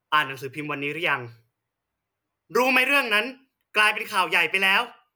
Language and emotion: Thai, angry